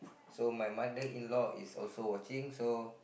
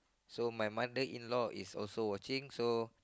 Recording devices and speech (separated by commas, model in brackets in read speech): boundary microphone, close-talking microphone, conversation in the same room